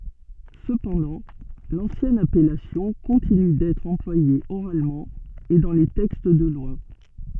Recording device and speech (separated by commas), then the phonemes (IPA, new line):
soft in-ear microphone, read sentence
səpɑ̃dɑ̃ lɑ̃sjɛn apɛlasjɔ̃ kɔ̃tiny dɛtʁ ɑ̃plwaje oʁalmɑ̃ e dɑ̃ le tɛkst də lwa